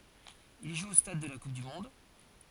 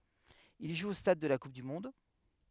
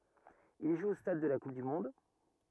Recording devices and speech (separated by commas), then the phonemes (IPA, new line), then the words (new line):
forehead accelerometer, headset microphone, rigid in-ear microphone, read sentence
il ʒu o stad də la kup dy mɔ̃d
Il joue au Stade de la Coupe du monde.